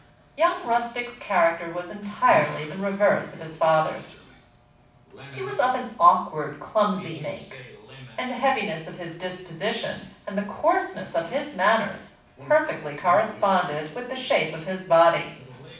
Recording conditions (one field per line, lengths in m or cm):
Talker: one person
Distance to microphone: 5.8 m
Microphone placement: far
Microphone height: 1.8 m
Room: medium-sized (5.7 m by 4.0 m)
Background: television